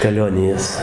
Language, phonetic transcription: Lithuanian, kaˈlionijas

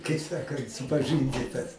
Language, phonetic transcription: Lithuanian, kai ˈsakant supaˈžɨndytas

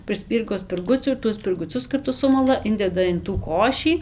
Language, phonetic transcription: Lithuanian, prɨˈspyrgo spirˈgucių ir ˈtuos spirguˈcius karˈtu ˈsumala ˈindeda in tų ˈkošį

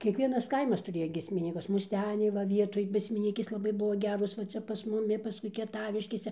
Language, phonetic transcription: Lithuanian, kiekˈvienas ˈkaimas tuˈrėja giesmiˈnykus musˈteniai va ˈvietoj giesmiˈnykės laˈbai ˈbuvo ˈgeros va ˈcia pas muˈmi paˈskui kieˈtaviškėse

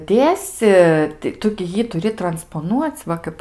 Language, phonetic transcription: Lithuanian, ˈdėsi tai ˈtu gi ˈjį tuˈri transpoˈnuoc' ˈva kaip

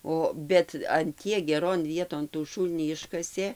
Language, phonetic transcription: Lithuanian, ˈo ˈbet an ˈtiek geˈron ˈvieton tų ˈšūlnį ˈiškasė

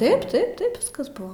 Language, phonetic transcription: Lithuanian, ˈtaip ˈtaip ˈtaip ˈviskas ˈbuvo

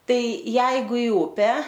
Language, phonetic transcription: Lithuanian, ˈtai ˈjeigu i ˈupę

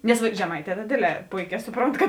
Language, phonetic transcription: Lithuanian, ˈnes va žeˈmaiˌtē ta ˈdėdˌlē ˈpoiˌkē ˈsuˌpront kad

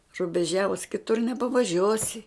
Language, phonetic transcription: Lithuanian, rubeˈžiavus kiˈtur nepavaˈžiuosi

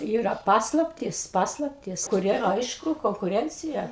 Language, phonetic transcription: Lithuanian, ˈyra ˈpaslaptys ˈpaslaptys kuˈrie ˈaišku konkuˈrencija

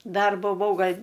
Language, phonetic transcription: Lithuanian, ˈdar buˈvau ˈgal'

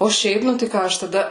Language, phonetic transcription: Lithuanian, o ˈšiaip ˈnu tai ˈką aš taˈda

